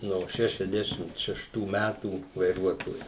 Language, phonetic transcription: Lithuanian, no ˈšešiasdešimt šešˈtų ˈmætų vaiˈruotoju

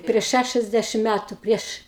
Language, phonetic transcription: Lithuanian, prieš ˈšæšiasdešim ˈmætu ˈprieš

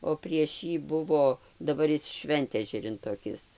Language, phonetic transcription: Lithuanian, o prieš ˈjį ˈbuvo daˈbar ˈjis ˈšventežerin toˈkis

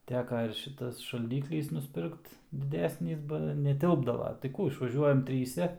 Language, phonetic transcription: Lithuanian, ˈteka ir ˈšitas šalˈdyklis nusˈpirkt diˈdesnis ˈba neˈtilpdava tai ˈkų išvaˈžiuojam ˈtryse

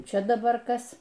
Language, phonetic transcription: Lithuanian, ˈčia daˈbar ˈkas

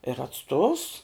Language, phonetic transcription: Lithuanian, ir atˈstovs

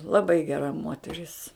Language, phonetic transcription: Lithuanian, laˈbai geˈra ˈmoteris

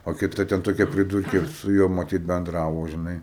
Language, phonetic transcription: Lithuanian, o kiˈta ten toˈkia priˈdurkė su ˈjuo maˈtyt benˈdravo žiˈnai

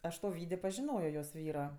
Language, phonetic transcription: Lithuanian, ˈaš to ˈvydė pažiˈnojo jos ˈvyro

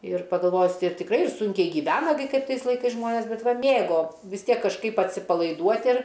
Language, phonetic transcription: Lithuanian, ir pagalˈvojus ir tikˈrai ir ˈsunkiai gyˈvena gi ˈkaip ˈtais laiˈkais ˈžmonės ˈbet ˈva ˈmėgo vis ˈtiek kažˈkaip atsipalaiˈduot' ir

